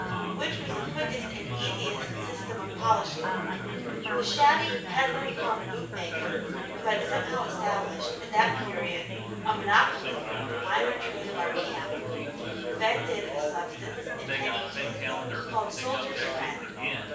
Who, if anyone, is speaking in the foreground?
One person.